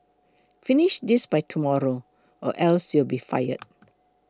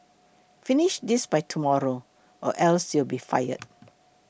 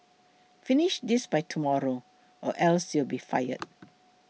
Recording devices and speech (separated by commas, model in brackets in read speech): close-talking microphone (WH20), boundary microphone (BM630), mobile phone (iPhone 6), read sentence